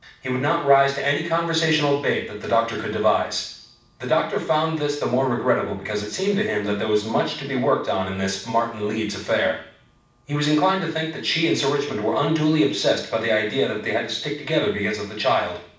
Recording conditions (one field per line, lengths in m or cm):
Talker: one person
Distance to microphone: 5.8 m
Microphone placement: far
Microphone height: 1.8 m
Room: medium-sized (5.7 m by 4.0 m)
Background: none